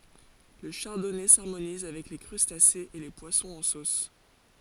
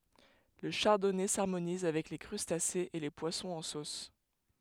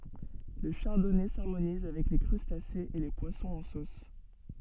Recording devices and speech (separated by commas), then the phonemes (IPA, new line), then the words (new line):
forehead accelerometer, headset microphone, soft in-ear microphone, read sentence
lə ʃaʁdɔnɛ saʁmoniz avɛk le kʁystasez e le pwasɔ̃z ɑ̃ sos
Le Chardonnay s'harmonise avec les crustacés et les poissons en sauce.